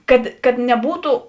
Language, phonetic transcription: Lithuanian, ˈkad kad neˈbūtu

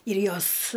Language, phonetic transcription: Lithuanian, ir ˈjos

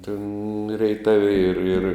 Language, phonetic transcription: Lithuanian, tėn reiˈtavi ir ir

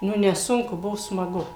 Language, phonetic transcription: Lithuanian, ˈnu neˈsunku ˈbuvo smaˈgu

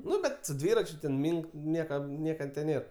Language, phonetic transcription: Lithuanian, ˈnu bet su ˈdvyračiu ten ˈmynk ˈniekam ˈnieka tė ˈnėr

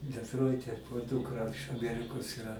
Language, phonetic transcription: Lithuanian, detˈroite o ˈdūkra iš aˈmerikos iˈra

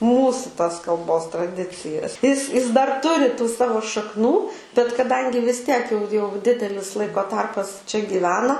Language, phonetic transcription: Lithuanian, ˈmūsu tas kalˈbos traˈdicijas is is dar ˈturi tų ˈsavo šakˈnų bet kaˈdangi vis ˈtiek jau jau ˈdidelis ˈlaiko ˈtarpas čia gyˈvena

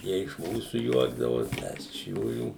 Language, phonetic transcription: Lithuanian, ˈjie iš ˈmūsu ˈjuokdavos ˈmes iš ˈjųjų

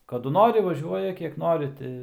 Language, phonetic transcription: Lithuanian, kaˈdu ˈnori vaˈžiuoja ˈkiek ˈnori ti

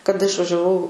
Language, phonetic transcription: Lithuanian, kaˈda išvažiaˈvau

